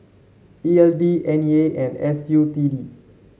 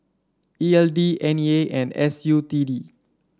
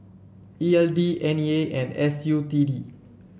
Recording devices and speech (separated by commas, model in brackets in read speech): mobile phone (Samsung C7), standing microphone (AKG C214), boundary microphone (BM630), read sentence